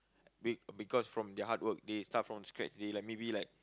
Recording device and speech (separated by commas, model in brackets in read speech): close-talking microphone, conversation in the same room